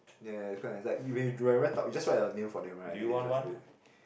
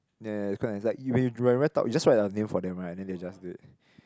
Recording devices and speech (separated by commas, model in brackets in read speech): boundary microphone, close-talking microphone, conversation in the same room